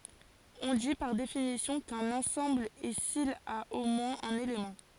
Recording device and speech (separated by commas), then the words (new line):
forehead accelerometer, read sentence
On dit, par définition, qu'un ensemble est s'il a au moins un élément.